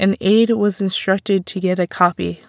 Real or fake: real